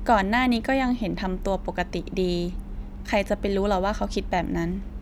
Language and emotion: Thai, neutral